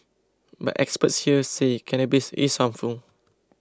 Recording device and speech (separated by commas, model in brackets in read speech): close-talking microphone (WH20), read sentence